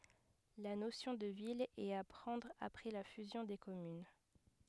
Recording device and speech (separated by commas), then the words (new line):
headset microphone, read sentence
La notion de ville est à prendre après la fusion des communes.